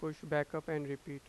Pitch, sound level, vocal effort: 150 Hz, 88 dB SPL, normal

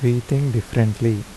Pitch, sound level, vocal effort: 115 Hz, 78 dB SPL, soft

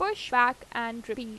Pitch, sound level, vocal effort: 240 Hz, 91 dB SPL, normal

